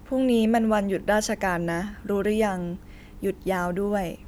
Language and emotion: Thai, neutral